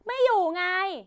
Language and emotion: Thai, angry